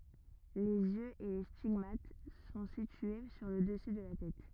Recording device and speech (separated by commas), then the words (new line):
rigid in-ear microphone, read sentence
Les yeux et les stigmates sont situés sur le dessus de la tête.